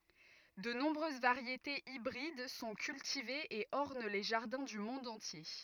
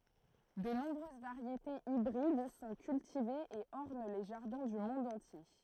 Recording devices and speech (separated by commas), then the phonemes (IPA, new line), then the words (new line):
rigid in-ear microphone, throat microphone, read sentence
də nɔ̃bʁøz vaʁjetez ibʁid sɔ̃ kyltivez e ɔʁn le ʒaʁdɛ̃ dy mɔ̃d ɑ̃tje
De nombreuses variétés hybrides sont cultivées et ornent les jardins du monde entier.